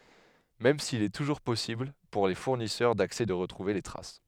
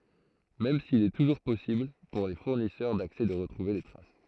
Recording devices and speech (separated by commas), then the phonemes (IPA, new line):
headset microphone, throat microphone, read sentence
mɛm sil ɛ tuʒuʁ pɔsibl puʁ le fuʁnisœʁ daksɛ də ʁətʁuve le tʁas